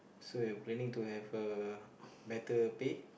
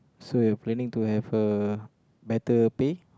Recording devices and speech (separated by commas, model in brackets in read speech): boundary microphone, close-talking microphone, conversation in the same room